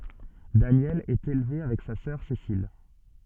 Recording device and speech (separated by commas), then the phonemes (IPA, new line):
soft in-ear microphone, read sentence
danjɛl ɛt elve avɛk sa sœʁ sesil